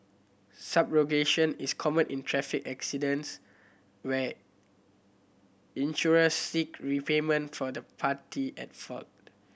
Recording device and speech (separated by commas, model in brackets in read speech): boundary microphone (BM630), read sentence